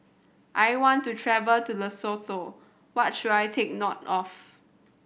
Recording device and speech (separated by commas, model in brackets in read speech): boundary microphone (BM630), read sentence